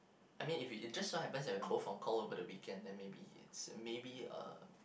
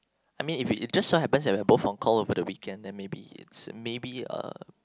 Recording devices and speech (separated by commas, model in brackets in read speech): boundary microphone, close-talking microphone, conversation in the same room